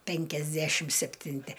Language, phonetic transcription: Lithuanian, penkiasˈdæšim septinˈti

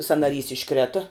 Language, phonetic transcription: Lithuanian, sanaˈrys išˈkrėta

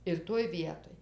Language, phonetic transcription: Lithuanian, ir ˈtoj ˈvietoj

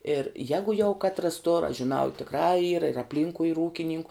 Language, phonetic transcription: Lithuanian, ir ˈjegu jau ˈkatras tor aš žiˈnau i tikˈrā yr ir apˈlynkui yr ˈūkininku

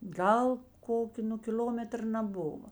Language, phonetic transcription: Lithuanian, ˈgal ˈkokio nu kiˈl'ometr naˈbuva

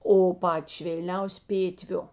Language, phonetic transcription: Lithuanian, o ˈpati švėlˈniausi ˈpėtviu

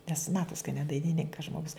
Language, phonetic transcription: Lithuanian, nes ˈmatos ka ne dainiˈninkas ˈžmogus

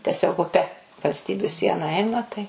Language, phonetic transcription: Lithuanian, teˈsiog uˈpe valsˈtybiu ˈsiena ˈeina tai

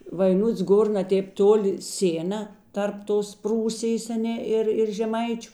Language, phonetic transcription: Lithuanian, vaiˈnuts ˈgor na ˈtėp ˈtoˌli ˈsėna ˈtarp ˈtos ˈprūsijės aˈne ˈir ir žeˈmaičiu

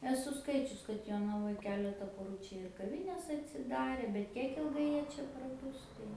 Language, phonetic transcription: Lithuanian, eˈsu ˈskaičius kad jonaˈvoj ˈkeleta poˈrų ˈčia ir kaˈvines atsiˈdarė bet ˈkiek ilˈgai ˈjie ˈčia praˈbus tai

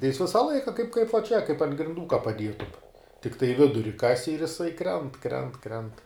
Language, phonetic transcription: Lithuanian, tai jis ˈvisa ˈlaika kaip kaip va čia kaip ant grinˈdų ka paˈdietum tikˈtai ˈviduri ˈkasi ir jiˈsai ˈkrent ˈkrent ˈkrent

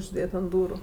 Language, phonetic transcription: Lithuanian, užˈdėt ant ˈdūru

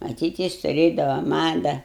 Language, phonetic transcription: Lithuanian, maˈtyt ˈjis tuˈrėdava ˈmada

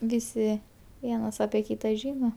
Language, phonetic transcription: Lithuanian, ˈvisi ˈvienas apie ˈkyta ˈžino

